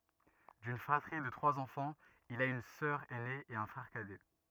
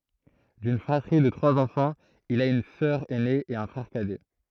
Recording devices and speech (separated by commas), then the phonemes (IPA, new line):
rigid in-ear microphone, throat microphone, read sentence
dyn fʁatʁi də tʁwaz ɑ̃fɑ̃z il a yn sœʁ ɛne e œ̃ fʁɛʁ kadɛ